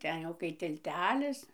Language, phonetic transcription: Lithuanian, ˈten jau kai tilˈtelis

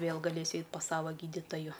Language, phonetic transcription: Lithuanian, ˈvėl gaˈlės ˈeit pas ˈsava ˈgyditaju

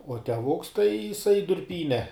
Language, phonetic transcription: Lithuanian, uo teˈvuks tai jiˈsai durˈpyne

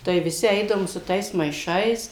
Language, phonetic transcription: Lithuanian, tai viˈsi ˈeidavom su ˈtais maiˈšais

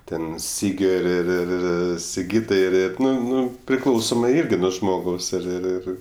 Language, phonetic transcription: Lithuanian, ˈten ˈsygio ir ir ir ˈir siˈgytai ir ir ˈnu ˈnu priˈklausomai ˈirgi ˈnuo žmoˈgaus ir ir ˈir

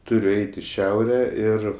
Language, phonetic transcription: Lithuanian, ˈturiu ˈeit' i ˈšiaure ˈir

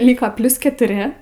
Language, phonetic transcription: Lithuanian, ˈlyko ˈplius ketuˈri

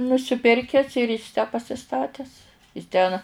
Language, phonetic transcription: Lithuanian, nusiˈpirkes ir is tę pasiˈstates is ˈten

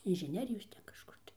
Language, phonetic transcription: Lithuanian, inžiˈnerijos ˈten kažˈkur tai

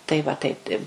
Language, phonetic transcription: Lithuanian, ˈtai ˈva ˈtaip tai

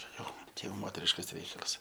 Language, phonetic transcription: Lithuanian, ˈčia jau ˈčia jau ˈmoteriškas ˈreikalas

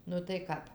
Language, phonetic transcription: Lithuanian, ˈnu tai ˈkap

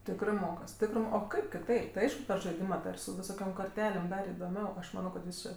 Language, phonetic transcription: Lithuanian, ˈtikrɜ ˈmokas ˈtikrɜ o ˈkaip kiˈtaip tai ˈaišku per žaiˈdima tai ir su viˈsokiom korˈtelėm ˈdar idoˈmiau ˈaš ˈmano kad viˈsɜ

